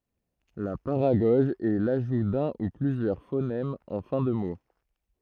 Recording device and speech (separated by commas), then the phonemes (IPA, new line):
throat microphone, read sentence
la paʁaɡɔʒ ɛ laʒu dœ̃ u plyzjœʁ fonɛmz ɑ̃ fɛ̃ də mo